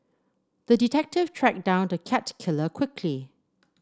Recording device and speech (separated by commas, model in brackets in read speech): standing microphone (AKG C214), read sentence